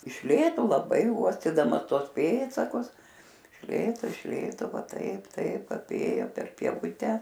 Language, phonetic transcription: Lithuanian, iš ˈlėto laˈbai ˈuostydamas ˈtuos ˈpėdsakus iš ˈlėto iš ˈlėto ˈva ˈtaip ˈtaip aˈpėjo per pieˈvute

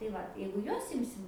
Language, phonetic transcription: Lithuanian, tai ˈvat jeigu ˈjuos ˈimsim

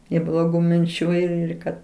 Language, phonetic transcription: Lithuanian, i bloˈgų minˈčių ir ir ˈkad

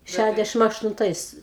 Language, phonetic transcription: Lithuanian, ˈšædešim aštunˈtais

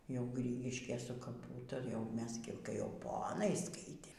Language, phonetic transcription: Lithuanian, jau ˈgrygiškėj su kaˈpų tai jau ˈmes gi kai jau ˈponai ˈskaitėm

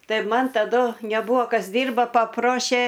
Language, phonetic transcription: Lithuanian, ˈtai ˈman taˈdu neˈbūa ˈkas ˈdyrba paˈprošė

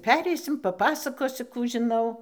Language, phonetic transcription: Lithuanian, ˈpereisim paˈpasakosiu ˈkų žiˈnau

